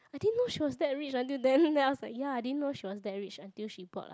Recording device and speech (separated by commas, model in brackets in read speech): close-talking microphone, conversation in the same room